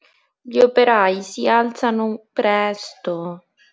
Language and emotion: Italian, sad